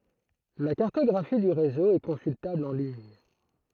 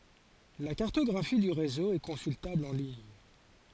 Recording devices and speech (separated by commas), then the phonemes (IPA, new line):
throat microphone, forehead accelerometer, read sentence
la kaʁtɔɡʁafi dy ʁezo ɛ kɔ̃syltabl ɑ̃ liɲ